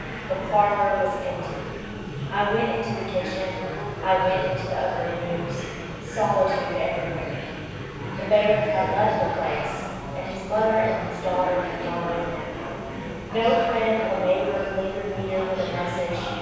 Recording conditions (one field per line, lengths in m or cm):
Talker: one person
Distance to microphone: 7.1 m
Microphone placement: far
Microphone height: 1.7 m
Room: very reverberant, large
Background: babble